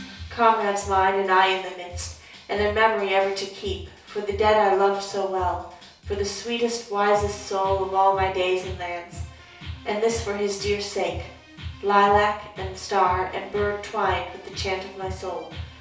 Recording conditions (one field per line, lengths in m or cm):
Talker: one person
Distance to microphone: 3.0 m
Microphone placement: far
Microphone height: 1.8 m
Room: small (3.7 m by 2.7 m)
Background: music